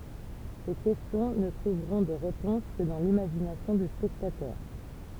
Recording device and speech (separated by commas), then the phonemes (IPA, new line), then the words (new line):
temple vibration pickup, read sentence
se kɛstjɔ̃ nə tʁuvʁɔ̃ də ʁepɔ̃s kə dɑ̃ limaʒinasjɔ̃ dy spɛktatœʁ
Ces questions ne trouveront de réponse que dans l'imagination du spectateur.